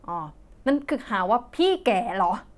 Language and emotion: Thai, angry